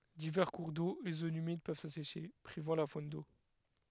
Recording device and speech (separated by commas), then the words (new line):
headset microphone, read sentence
Divers cours d'eau et zones humides peuvent s'assécher, privant la faune d'eau.